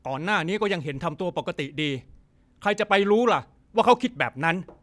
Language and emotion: Thai, angry